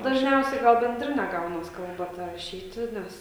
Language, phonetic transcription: Lithuanian, dažˈniausiai ˈgal benˈdrine ˈgaunas ˈkalba ˈta raˈšyti ˈnes

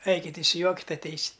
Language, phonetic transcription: Lithuanian, ˈaikit' išsiˈjuokit' atˈeisit'

